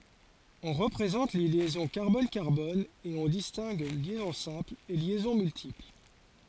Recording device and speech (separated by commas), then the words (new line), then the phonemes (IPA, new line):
forehead accelerometer, read sentence
On représente les liaisons carbone-carbone et on distingue liaison simple et liaisons multiples.
ɔ̃ ʁəpʁezɑ̃t le ljɛzɔ̃ kaʁbɔn kaʁbɔn e ɔ̃ distɛ̃ɡ ljɛzɔ̃ sɛ̃pl e ljɛzɔ̃ myltipl